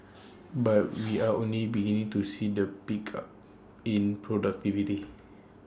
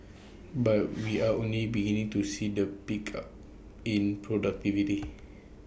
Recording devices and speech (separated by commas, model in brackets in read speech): standing microphone (AKG C214), boundary microphone (BM630), read sentence